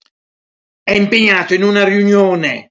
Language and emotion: Italian, angry